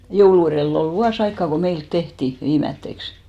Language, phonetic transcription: Finnish, 'joulu erèll ‿ol "vuas ‿aikkà ko 'meilt 'tehti , 'viimätteks .
- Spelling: joulun edellä oli vuosi aikaa kun meillä tehtiin viimeiseksi

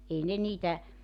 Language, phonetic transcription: Finnish, 'ei ne niitä ,.
- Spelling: ei ne niitä

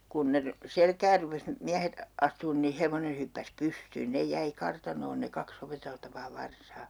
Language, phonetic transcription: Finnish, 'kun ne ry- , 'selkäär rupes , 'miähet , 'astuun ni , 'hevone hyppäs "pystyyn 'nej 'jäi 'kartanoon ne 'kak's ‿opeteltavaa 'varsaa .
- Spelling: kun ne - selkään rupesi miehet astumaan niin hevonen hyppäsi pystyyn ne jäi kartanoon ne kaksi opeteltavaa varsaa

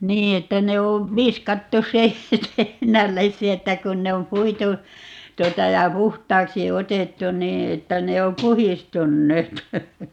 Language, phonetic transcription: Finnish, "nii että 'ne o , "viskattu 'se , (---) että 'kun ne om "puitu , 'tuota ja "puht̀aaksi 'otettu "nii että 'ne o "puhistunneet .
- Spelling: niin että ne on viskattu se - että kun ne on puitu tuota ja puhtaaksi otettu niin että ne on puhdistuneet

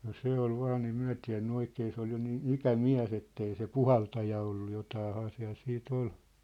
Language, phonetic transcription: Finnish, no 'se ‿ol 'vaan ‿ei 'myä̭ tiä̭nny 'oikee se ‿ol jo niin , "ikä"miä̭s ‿ettei se "puhaltaja ollu 'jotaahaa siä̭l sii't ‿ol .
- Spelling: no se oli vain ei me tiennyt oikein se oli jo niin ikämies että ei se puhaltaja ollut jotakinhan siellä sitten oli

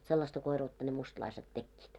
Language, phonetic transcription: Finnish, vot sellasta 'koiruutta ne mustᵃlaiset 'tekkiit .
- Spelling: vot sellaista koiruutta ne mustalaiset tekivät

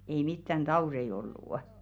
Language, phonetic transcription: Finnish, ei 'mittän "ᴅaurei ollù' .
- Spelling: ei mitään tauteja ollut

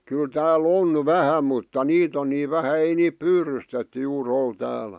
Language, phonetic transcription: Finnish, kyl tää"l ‿on "vähä mutta "niit ‿on nii 'vähä 'ei niip "pyrystetty juu'r ‿ol 'täälᴀ̈ .
- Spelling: kyllä täällä on vähän mutta niitä on niin vähän ei niitä pyydystetty juuri ole täällä

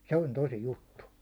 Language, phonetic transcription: Finnish, 'se on "tosi "juttu .
- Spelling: se on tosi juttu

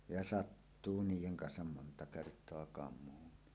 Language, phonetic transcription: Finnish, ja "sattuu 'niijeŋ 'kansam monta kert̀oa 'kam̀uunni .
- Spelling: ja sattuu niiden kanssa monta kertaa kamuunkin

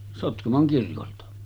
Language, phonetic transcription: Finnish, 'Sotkamoŋ 'kirkolta .
- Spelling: Sotkamon kirkolta

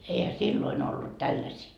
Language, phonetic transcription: Finnish, eihä 'silloin ‿ollut 'tälläsii .
- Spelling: eihän silloin ollut tällaisia

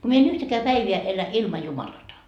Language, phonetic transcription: Finnish, ku mie en 'yhtäkää 'päiviä elä 'ilma 'Jumalata .
- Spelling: kun minä en yhtäkään päivää elä ilman Jumalatta

